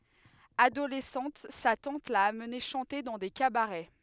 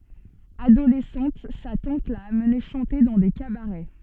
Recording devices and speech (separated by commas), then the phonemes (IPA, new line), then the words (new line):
headset microphone, soft in-ear microphone, read sentence
adolɛsɑ̃t sa tɑ̃t la amne ʃɑ̃te dɑ̃ de kabaʁɛ
Adolescente, sa tante l'a amené chanter dans des cabarets.